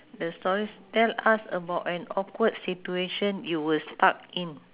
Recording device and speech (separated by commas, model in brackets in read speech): telephone, conversation in separate rooms